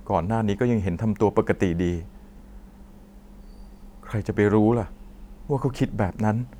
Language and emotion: Thai, sad